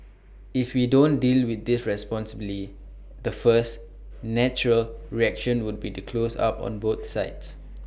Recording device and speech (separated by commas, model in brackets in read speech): boundary microphone (BM630), read sentence